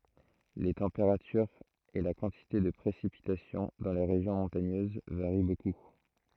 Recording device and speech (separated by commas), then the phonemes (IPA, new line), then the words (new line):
throat microphone, read sentence
le tɑ̃peʁatyʁz e la kɑ̃tite də pʁesipitasjɔ̃ dɑ̃ le ʁeʒjɔ̃ mɔ̃taɲøz vaʁi boku
Les températures et la quantité de précipitations dans les régions montagneuses varient beaucoup.